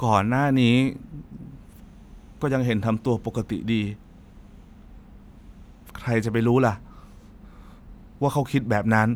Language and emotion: Thai, frustrated